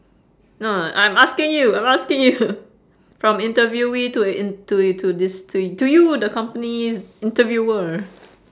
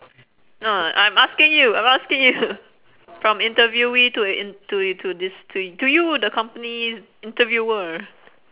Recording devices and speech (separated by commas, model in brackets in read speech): standing microphone, telephone, conversation in separate rooms